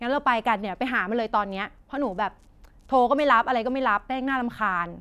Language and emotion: Thai, angry